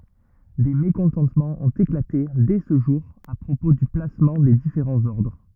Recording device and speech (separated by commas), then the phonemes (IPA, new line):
rigid in-ear microphone, read sentence
de mekɔ̃tɑ̃tmɑ̃z ɔ̃t eklate dɛ sə ʒuʁ a pʁopo dy plasmɑ̃ de difeʁɑ̃z ɔʁdʁ